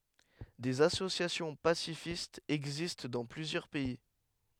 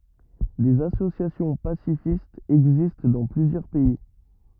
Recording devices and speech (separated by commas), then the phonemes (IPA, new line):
headset microphone, rigid in-ear microphone, read sentence
dez asosjasjɔ̃ pasifistz ɛɡzist dɑ̃ plyzjœʁ pɛi